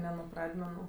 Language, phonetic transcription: Lithuanian, ne nu ˈpradmenu

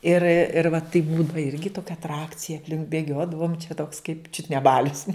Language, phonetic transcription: Lithuanian, ir ir va taip ˈbūdava ˈirgi ˈtokia atˈrakcija apˈlink bėˈgiodavom čia toks kaip ˈčiut ne ˈbalius

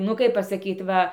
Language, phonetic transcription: Lithuanian, nu ˈkaip pasaˈkyt ˈva

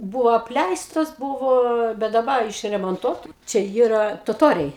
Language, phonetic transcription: Lithuanian, ˈbūvo apˈleistos ˈbūvo bet daˈba išremonˈtuota ˈčia ˈjyra toˈtoriai

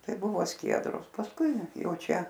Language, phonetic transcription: Lithuanian, ˈtai ˈbuvo ˈskiedros pasˈkui ˈjau ˈčia

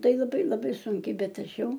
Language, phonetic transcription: Lithuanian, ˈtai laˈbai laˈbai ˈsunkiai ˈbet ˈaš ˈjau

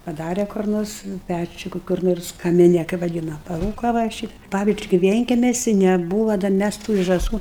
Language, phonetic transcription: Lithuanian, paˈdare kur ˈnors ˈpæčiu ˈku kur ˈnors kamiˈne kai vaˈdyna paˈrūko va i ˈšit ˈpavizdžiui ki ˈvienkemesi neˈbūva dar ˈmæs tų ir žąˈsų

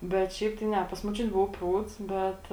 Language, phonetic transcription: Lithuanian, bet ˈšiaip tai ˈne pas moˈčiuti ˈbuvu ˈprūds ˈbet

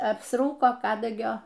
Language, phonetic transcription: Lithuanian, apsˈrūko ˈkadagio

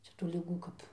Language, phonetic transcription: Lithuanian, ˈčia tų liˈgų kap

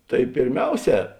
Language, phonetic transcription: Lithuanian, tai pėrˈmiauˌsē

